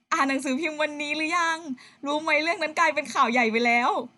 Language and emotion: Thai, happy